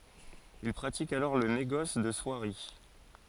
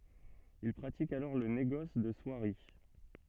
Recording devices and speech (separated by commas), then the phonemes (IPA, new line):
forehead accelerometer, soft in-ear microphone, read sentence
il pʁatik alɔʁ lə neɡɔs də swaʁi